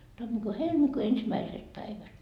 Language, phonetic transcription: Finnish, tammikuu 'helmikuu ensimäiset 'päivät .
- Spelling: tammikuun helmikuun ensimmäiset päivät

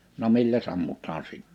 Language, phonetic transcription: Finnish, no 'milläs 'ammutaan 'si(t-) .
- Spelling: no milläs ammutaan -

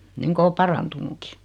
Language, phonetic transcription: Finnish, 'niŋko o 'parantunuki .
- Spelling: niin kuin on parantunutkin

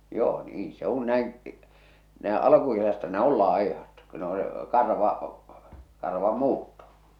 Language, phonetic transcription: Finnish, joo "niin 'se ‿un näin , nä̀e "alᵃkukesästä ne 'ol 'lài̬hat ko ne ‿o se karva , 'karvam'muutto .
- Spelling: joo niin se kun näin näin alkukesästä ne oli laihat kun ne on se karva karvanmuutto

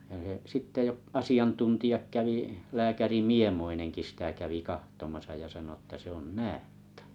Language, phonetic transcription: Finnish, (ja he) 'sitte ei o’ , 'asiantuntiʲak 'kävi , 'lääkäri "Miemoineŋki sĭtä kävi 'kahtomasa ja sano ᵉttä 'se ‿on näättᴀ̈ .
- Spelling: ja he sitten ei ole asiantuntijat kävi lääkäri Miemoinenkin sitä kävi katsomassa ja sanoi että se on näätä

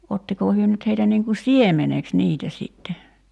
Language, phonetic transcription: Finnish, 'ottikoo 'hyö nyt heitä niiŋ ku "siemeneks "niitä sìtte .
- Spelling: ottiko he nyt heitä niin kuin siemeneksi niitä sitten

